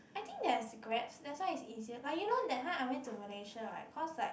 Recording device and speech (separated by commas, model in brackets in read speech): boundary microphone, conversation in the same room